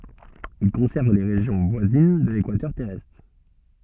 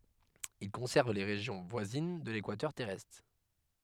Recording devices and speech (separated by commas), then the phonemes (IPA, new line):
soft in-ear microphone, headset microphone, read sentence
il kɔ̃sɛʁn le ʁeʒjɔ̃ vwazin də lekwatœʁ tɛʁɛstʁ